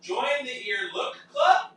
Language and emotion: English, happy